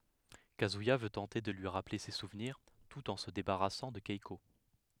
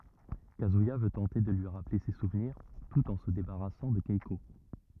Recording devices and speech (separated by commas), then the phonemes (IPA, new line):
headset microphone, rigid in-ear microphone, read sentence
kazyija vø tɑ̃te də lyi ʁaple se suvniʁ tut ɑ̃ sə debaʁasɑ̃ də kɛko